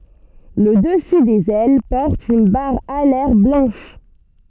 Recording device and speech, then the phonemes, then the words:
soft in-ear microphone, read sentence
lə dəsy dez ɛl pɔʁt yn baʁ alɛʁ blɑ̃ʃ
Le dessus des ailes porte une barre alaire blanche.

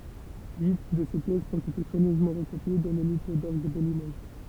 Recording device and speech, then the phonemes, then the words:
temple vibration pickup, read sentence
yi də se pjɛsz ɔ̃t ete swaɲøzmɑ̃ ʁəkopje dɑ̃ lə livʁ dɔʁɡ də limoʒ
Huit de ces pièces ont été soigneusement recopiées dans le Livre d'orgue de Limoges.

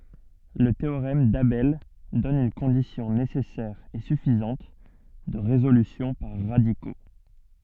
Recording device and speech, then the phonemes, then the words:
soft in-ear microphone, read sentence
lə teoʁɛm dabɛl dɔn yn kɔ̃disjɔ̃ nesɛsɛʁ e syfizɑ̃t də ʁezolysjɔ̃ paʁ ʁadiko
Le théorème d'Abel donne une condition nécessaire et suffisante de résolution par radicaux.

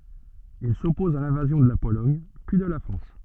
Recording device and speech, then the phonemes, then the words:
soft in-ear microphone, read sentence
il sɔpɔz a lɛ̃vazjɔ̃ də la polɔɲ pyi də la fʁɑ̃s
Il s'oppose à l'invasion de la Pologne puis de la France.

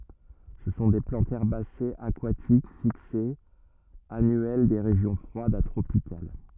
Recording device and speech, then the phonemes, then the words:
rigid in-ear microphone, read sentence
sə sɔ̃ de plɑ̃tz ɛʁbasez akwatik fiksez anyɛl de ʁeʒjɔ̃ fʁwadz a tʁopikal
Ce sont des plantes herbacées, aquatiques, fixées, annuelles des régions froides à tropicales.

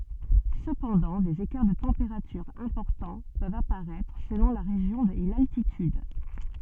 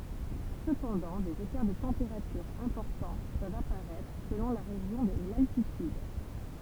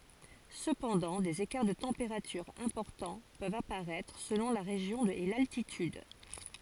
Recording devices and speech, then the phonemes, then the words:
soft in-ear microphone, temple vibration pickup, forehead accelerometer, read sentence
səpɑ̃dɑ̃ dez ekaʁ də tɑ̃peʁatyʁz ɛ̃pɔʁtɑ̃ pøvt apaʁɛtʁ səlɔ̃ la ʁeʒjɔ̃ e laltityd
Cependant, des écarts de températures importants peuvent apparaître, selon la région et l’altitude.

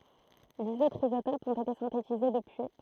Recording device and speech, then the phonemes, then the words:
throat microphone, read sentence
diz otʁz izotopz ɔ̃t ete sɛ̃tetize dəpyi
Dix autres isotopes ont été synthétisés depuis.

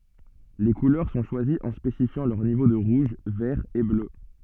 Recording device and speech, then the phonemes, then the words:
soft in-ear microphone, read sentence
le kulœʁ sɔ̃ ʃwaziz ɑ̃ spesifjɑ̃ lœʁ nivo də ʁuʒ vɛʁ e blø
Les couleurs sont choisies en spécifiant leurs niveaux de rouge, vert et bleu.

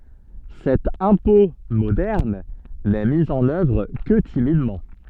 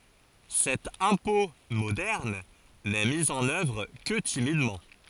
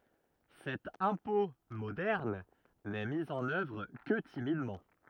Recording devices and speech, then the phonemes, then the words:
soft in-ear microphone, forehead accelerometer, rigid in-ear microphone, read sentence
sɛt ɛ̃pɔ̃ modɛʁn nɛ mi ɑ̃n œvʁ kə timidmɑ̃
Cet impôt moderne n'est mis en œuvre que timidement.

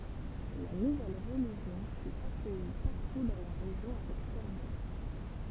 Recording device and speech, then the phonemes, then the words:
temple vibration pickup, read sentence
la nuvɛl ʁəliʒjɔ̃ fy akœji paʁtu dɑ̃ la ʁeʒjɔ̃ avɛk fɛʁvœʁ
La nouvelle religion fut accueillie partout dans la région avec ferveur.

